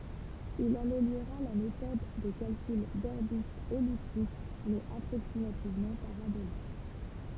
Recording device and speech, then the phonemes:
temple vibration pickup, read sentence
il ameljoʁa la metɔd də kalkyl dɔʁbitz ɛliptik mɛz apʁoksimativmɑ̃ paʁabolik

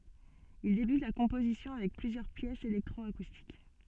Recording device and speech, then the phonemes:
soft in-ear microphone, read sentence
il debyt la kɔ̃pozisjɔ̃ avɛk plyzjœʁ pjɛsz elɛktʁɔakustik

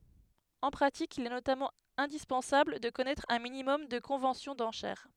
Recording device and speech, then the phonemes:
headset microphone, read sentence
ɑ̃ pʁatik il ɛ notamɑ̃ ɛ̃dispɑ̃sabl də kɔnɛtʁ œ̃ minimɔm də kɔ̃vɑ̃sjɔ̃ dɑ̃ʃɛʁ

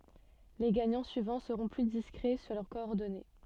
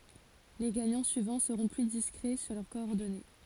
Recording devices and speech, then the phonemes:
soft in-ear microphone, forehead accelerometer, read sentence
le ɡaɲɑ̃ syivɑ̃ səʁɔ̃ ply diskʁɛ syʁ lœʁ kɔɔʁdɔne

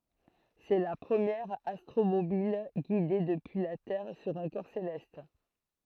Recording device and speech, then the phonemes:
throat microphone, read sentence
sɛ la pʁəmjɛʁ astʁomobil ɡide dəpyi la tɛʁ syʁ œ̃ kɔʁ selɛst

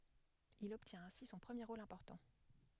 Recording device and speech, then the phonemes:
headset microphone, read sentence
il ɔbtjɛ̃t ɛ̃si sɔ̃ pʁəmje ʁol ɛ̃pɔʁtɑ̃

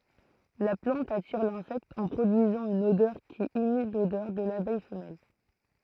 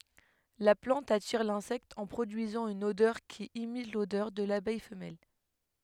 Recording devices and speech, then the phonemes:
throat microphone, headset microphone, read sentence
la plɑ̃t atiʁ lɛ̃sɛkt ɑ̃ pʁodyizɑ̃ yn odœʁ ki imit lodœʁ də labɛj fəmɛl

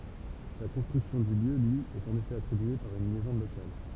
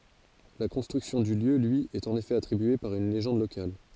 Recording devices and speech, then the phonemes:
temple vibration pickup, forehead accelerometer, read sentence
la kɔ̃stʁyksjɔ̃ dy ljø lyi ɛt ɑ̃n efɛ atʁibye paʁ yn leʒɑ̃d lokal

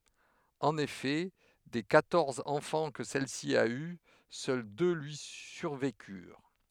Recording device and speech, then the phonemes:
headset microphone, read sentence
ɑ̃n efɛ de kwatɔʁz ɑ̃fɑ̃ kə sɛlsi a y sœl dø lyi syʁvekyʁ

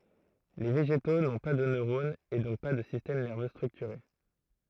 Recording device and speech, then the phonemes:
throat microphone, read sentence
le veʒeto nɔ̃ pa də nøʁonz e dɔ̃k pa də sistɛm nɛʁvø stʁyktyʁe

